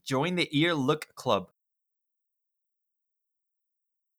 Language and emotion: English, disgusted